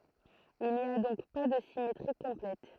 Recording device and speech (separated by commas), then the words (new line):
throat microphone, read sentence
Il n’y a donc pas de symétrie complète.